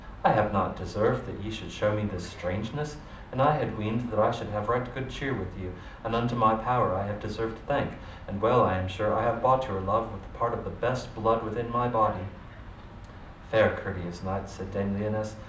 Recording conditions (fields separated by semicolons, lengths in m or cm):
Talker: one person; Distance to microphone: 2.0 m; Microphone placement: close; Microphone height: 99 cm; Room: medium-sized (5.7 m by 4.0 m); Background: television